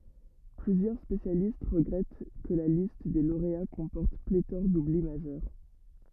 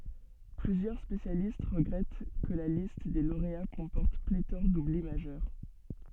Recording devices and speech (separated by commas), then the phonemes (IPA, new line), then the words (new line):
rigid in-ear microphone, soft in-ear microphone, read sentence
plyzjœʁ spesjalist ʁəɡʁɛt kə la list de loʁea kɔ̃pɔʁt pletɔʁ dubli maʒœʁ
Plusieurs spécialistes regrettent que la liste des lauréats comporte pléthore d'oublis majeurs.